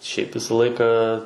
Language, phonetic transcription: Lithuanian, šiaip ˈvisa ˈlaika

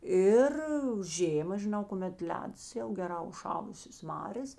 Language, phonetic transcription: Lithuanian, ˈir ˈžėma žiˈnau kuˈmet ˈledas jau geˈrā užˈšalusės ˈmarės

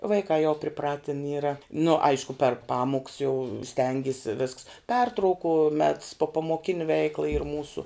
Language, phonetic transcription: Lithuanian, vaiˈkā jau priˈpratin ˈyra nu ˈaišku per ˈpamuks jau ˈstengisi visks ˈpertrauku mets popamoˈkini ˈveikla yr ˈmūsu

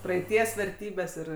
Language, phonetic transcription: Lithuanian, praeiˈties verˈtybes ˈir

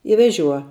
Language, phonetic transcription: Lithuanian, i veˈžiuo

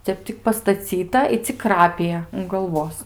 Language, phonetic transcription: Lithuanian, ˈtep tik pastaˈcyta i cik ˈkrapija un galˈvos

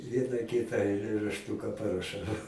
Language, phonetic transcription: Lithuanian, ˈvieną ˈkitą ailėrašˈtūka paraˈšau

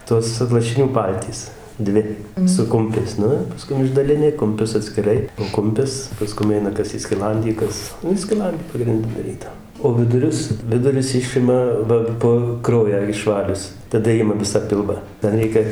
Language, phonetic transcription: Lithuanian, ˈtos lašiˈnių ˈpaltys ˈdvi su ˈkumpiais ˈnu ir paˈskum išdaliˈni kumˈpius atskiˈrai ˈkumpis paˈskum ˈeina ˈkas į skiˈlandį ˈkas ˈnu į skiˈlandi pagrinˈdi daˈryda o ˈvidurius ˈvidurius ˈišima ˈva po ˈkraują išˈvalius taˈda ˈima ˈvisą ˈpilvą da ˈlieka

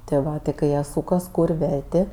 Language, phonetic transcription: Lithuanian, ti ˈva ti kai ˈjie ˈsūkas ˈkūr' ˈvertė

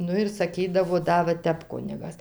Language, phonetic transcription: Lithuanian, ˈnu ir saˈkydavo ˈda va ˈtep ˈkunigas

